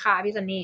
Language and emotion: Thai, neutral